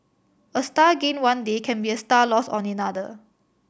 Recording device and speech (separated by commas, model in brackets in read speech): boundary microphone (BM630), read sentence